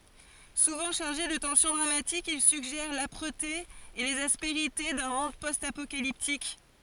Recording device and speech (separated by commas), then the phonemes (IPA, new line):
forehead accelerometer, read sentence
suvɑ̃ ʃaʁʒe də tɑ̃sjɔ̃ dʁamatik il syɡʒɛʁ lapʁəte e lez aspeʁite dœ̃ mɔ̃d pɔst apokaliptik